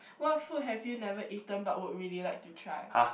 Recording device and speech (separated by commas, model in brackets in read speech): boundary microphone, conversation in the same room